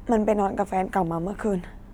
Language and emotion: Thai, sad